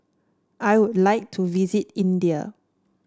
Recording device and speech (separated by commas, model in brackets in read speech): standing microphone (AKG C214), read sentence